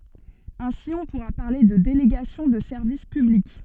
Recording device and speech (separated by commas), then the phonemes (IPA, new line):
soft in-ear microphone, read sentence
ɛ̃si ɔ̃ puʁa paʁle də deleɡasjɔ̃ də sɛʁvis pyblik